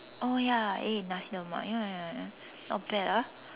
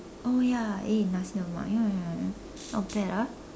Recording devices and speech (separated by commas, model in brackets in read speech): telephone, standing microphone, conversation in separate rooms